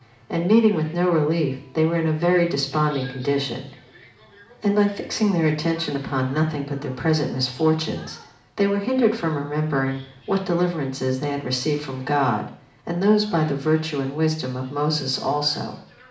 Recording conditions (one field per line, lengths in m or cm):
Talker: one person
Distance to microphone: 2.0 m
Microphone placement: close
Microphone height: 99 cm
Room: medium-sized (5.7 m by 4.0 m)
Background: television